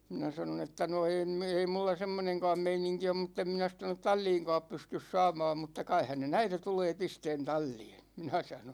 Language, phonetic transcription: Finnish, 'minä sanon ‿että » no 'en me- , 'ei mulla 'semmoneŋkaam 'meiniŋki om mut't ‿em minä sitä (tonnet) "tal͕l͕iiŋkaap 'pystys 'saamaam mutta kai 'häne"n ‿äite 'tulee 'pisteen 'tal͕l͕iin̬ « , 'minä sanon̬ .
- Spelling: minä sanoin että no en - ei minulla semmoinenkaan meininki ole mutta en minä sitä tuonne talliinkaan pysty saamaan mutta kai hänen äiti tulee pistämään talliin minä sanoin

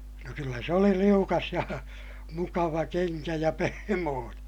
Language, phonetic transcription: Finnish, no kyllä se oli liukas ja , mukava keŋkä ja pehmooneè .
- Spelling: no kyllä se oli liukas ja mukava kenkä ja pehmoinen

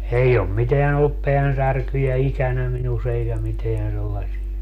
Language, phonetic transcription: Finnish, 'ei om 'miteän ‿ollup 'peänsärkyjä "ikänä minus eikä 'miteän sellasia .
- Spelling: ei ole mitään ollut päänsärkyjä ikänä minussa eikä mitään sellaisia

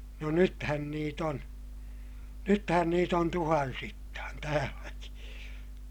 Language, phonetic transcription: Finnish, no nythän niit ‿on , nythän niit ‿on tuhansittaan täälläki .
- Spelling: no nythän niitä on nythän niitä on tuhansittain täälläkin

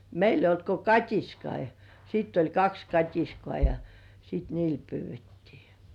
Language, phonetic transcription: Finnish, meil ‿eij̆j ‿olt ko "kat́iskai ja , sitt ‿oĺ 'kaks "kat́iskŏà ja , sit "niil 'pyyv̆vettii .
- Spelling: meillä ei ollut kuin katiskoita ja sitten oli kaksi katiskaa ja sitten niillä pyydettiin

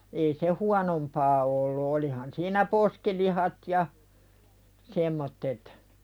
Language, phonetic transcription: Finnish, ei se "huanompaa ollu 'olihan siinä "poskilihat ja , semmottet .
- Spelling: ei se huonompaa ollut olihan siinä poskilihat ja semmoiset

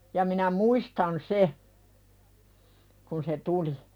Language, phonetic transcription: Finnish, ja minä "muistan 'se , kun se "tuli .
- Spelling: ja minä muistan sen kun se tuli

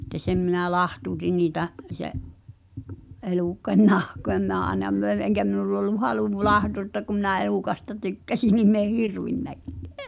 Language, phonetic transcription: Finnish, ᵉttä 'sem minä "lahtuutin niitä’ , se’ , 'elùkkań "nahkoʲa me̳ä̳ aĕna 'möĕn eŋ̳kä minull ‿ollu "halù 'lahtuuttoak kum minä̀ 'e(l)ùkasta 'tykkäsin nim min ‿eh "hirvinnäkkᴀ̈ᴀ̈ .
- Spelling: että sen minä lahtautin niitä sen elukan nahkoja minä aina myin eikä minulla ollut halu lahdata kun minä elukasta tykkäsin niin minä en hirvennytkään

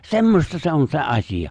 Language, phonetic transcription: Finnish, se̬mmosta 'se 'on se '’asiʲa .
- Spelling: semmoista se on se asia

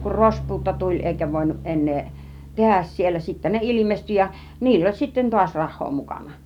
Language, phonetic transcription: Finnish, kur "rospuutto 'tuĺ èikä vòinuˀ 'ˀen̆nee , 'tehäs siel̆lä 'sittä ne "ilimesty ja , 'niill ‿oĺ sitten 'tuaś "rah̆hoo 'mukana .
- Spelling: kun rospuutto tuli eikä voinut enää tehdä siellä sitten ne ilmestyi ja niillä oli sitten taas rahaa mukana

